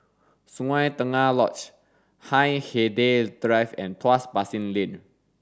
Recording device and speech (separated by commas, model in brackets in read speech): standing microphone (AKG C214), read sentence